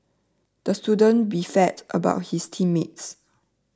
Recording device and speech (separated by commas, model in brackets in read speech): standing microphone (AKG C214), read sentence